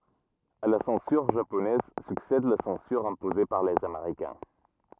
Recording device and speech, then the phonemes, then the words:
rigid in-ear microphone, read sentence
a la sɑ̃syʁ ʒaponɛz syksɛd la sɑ̃syʁ ɛ̃poze paʁ lez ameʁikɛ̃
À la censure japonaise succède la censure imposée par les Américains.

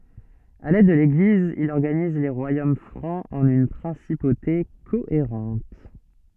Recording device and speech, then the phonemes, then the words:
soft in-ear microphone, read sentence
avɛk lɛd də leɡliz il ɔʁɡaniz le ʁwajom fʁɑ̃z ɑ̃n yn pʁɛ̃sipote koeʁɑ̃t
Avec l'aide de l'Église, il organise les royaumes francs en une principauté cohérente.

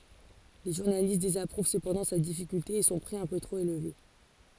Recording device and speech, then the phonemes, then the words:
forehead accelerometer, read sentence
le ʒuʁnalist dezapʁuv səpɑ̃dɑ̃ sa difikylte e sɔ̃ pʁi œ̃ pø tʁop elve
Les journalistes désapprouvent cependant sa difficulté et son prix un peu trop élevé.

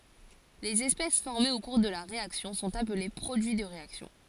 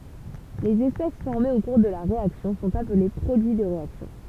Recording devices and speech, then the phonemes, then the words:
forehead accelerometer, temple vibration pickup, read sentence
lez ɛspɛs fɔʁmez o kuʁ də la ʁeaksjɔ̃ sɔ̃t aple pʁodyi də ʁeaksjɔ̃
Les espèces formées au cours de la réaction sont appelées produits de réaction.

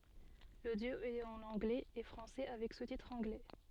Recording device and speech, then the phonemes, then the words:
soft in-ear microphone, read sentence
lodjo ɛt ɑ̃n ɑ̃ɡlɛz e fʁɑ̃sɛ avɛk sustitʁz ɑ̃ɡlɛ
L'audio est en anglais et français avec sous-titres anglais.

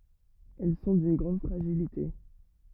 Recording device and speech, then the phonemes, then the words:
rigid in-ear microphone, read sentence
ɛl sɔ̃ dyn ɡʁɑ̃d fʁaʒilite
Elles sont d'une grande fragilité.

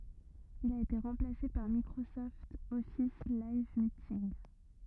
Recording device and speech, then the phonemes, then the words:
rigid in-ear microphone, read sentence
il a ete ʁɑ̃plase paʁ mikʁosɔft ɔfis lajv mitinɡ
Il a été remplacé par Microsoft Office Live Meeting.

